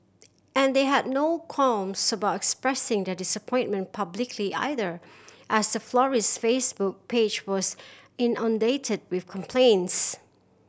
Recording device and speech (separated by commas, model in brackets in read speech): boundary microphone (BM630), read sentence